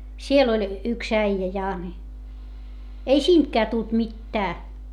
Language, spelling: Finnish, siellä oli yksi äijä ja niin ei siitäkään tullut mitään
- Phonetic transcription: siel ‿oĺ , yks äijä ja ni , ei siintkää tult mittää .

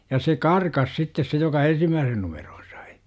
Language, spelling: Finnish, ja se karkasi sitten se joka ensimmäisen numeron sai
- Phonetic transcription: ja se "karkas 'sittes se joka "ensimmääsen 'numeROO sAI .

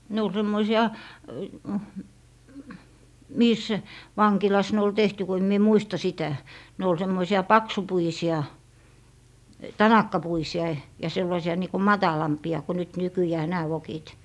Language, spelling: Finnish, ne oli semmoisia missä vankilassa ne oli tehty kun en minä muista sitä ne oli semmoisia paksupuisia tanakkapuisia ja sellaisia niin kuin matalampia kuin nyt nykyään nämä vokit
- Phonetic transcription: ne ol 'semmoisi₍a , 'miis , 'vaŋkilas ne ol "tehty ko em mie "muista 'sitä , ne ol 'semmoisi₍a "paksupuisi₍a , "tanakkapuisi₍a , ja 'sellaisi₍a niiko "matalampi₍a ko nyt 'nykyjää "nää vokit .

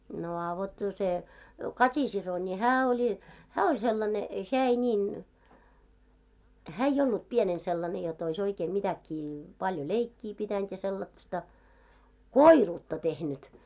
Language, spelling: Finnish, no a vot no se Kati-sisko niin hän oli hän oli sellainen hän ei niin hän ei ollut pienenä sellainen - jotta olisi oikein mitäkin paljon leikkiä pitänyt sellaista koiruutta tehnyt
- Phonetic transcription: no a vot no 'se , "Kat́i'siso ńi "hää 'oĺi , "hää oĺ 'sellane , "heä ei 'ńiin , 'hää ei'j ollup 'pienen sellane jo t ‿ois 'oikee "mitäkkii , 'paljo 'leikkii pitänt 'sellat-sta , "koiruutta tehnyt .

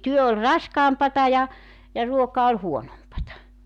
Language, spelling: Finnish, työ oli raskaampaa ja ja ruoka oli huonompaa
- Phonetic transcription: 'työ ol "raskaampata ja , ja 'ruoka ol "huonompata .

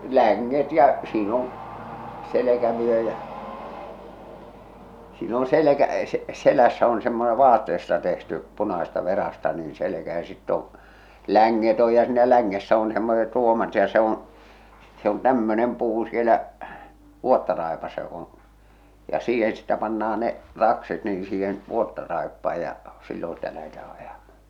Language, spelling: Finnish, länget ja siinä on selkävyö ja siinä on - selässä on semmoinen vaatteesta tehty punaisesta verasta niin selkä ja sitten on länget on ja siinä längessä on semmoiset ruomat ja se on se on tämmöinen puu siellä vuottaraipassa joka on ja siihen sitten pannaan ne rakset niin siihen vuottaraippaan ja silloin sitä lähdetään ajamaan
- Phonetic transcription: 'läŋŋet ja , siin ‿on , 'selekävyö jä’ , siin on 'selekä- , 'selässä on semmone 'vaatteesta tehty , 'punasesta 'verasta niin̬ 'selekä ja sitt ‿oo̰ , 'läŋŋet oj ja siinä 'läŋŋessä on semmoset 'r̬uomat ja se ‿oo̰ , se on 'tämmönem 'puu sielä , "vuottaràepassa jok ‿on̬ , ja 'siihen sittä panna₍a ne , 'rakset nii 'siihen "vuottaraeppaa ja , 'sillon̬ sⁱtä lähetää 'ajamaa .

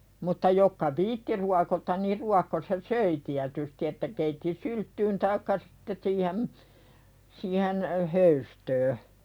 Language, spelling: Finnish, mutta jotka viitsi ruokota niin ruokkosi ja söi tietysti että keitti sylttyyn tai sitten siihen siihen höystöön
- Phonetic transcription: mutta 'jokka "viitti ruakotan niir 'ruakkos ja "söi tiätysti että keitti "sylttyyn taikka sɪtte siihem̳ , siihen , 'höystöö .

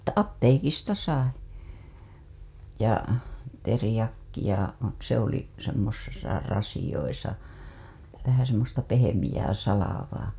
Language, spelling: Finnish, että apteekista sai ja teriakkia se oli semmoisessa rasioissa vähän semmoista pehmeää salvaa
- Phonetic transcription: Että "atteekista 'sai , ja , terĭjakkija , se ‿oli , semmosesa rasiʲoisa , vähä semmosta pehemijää salavaa .

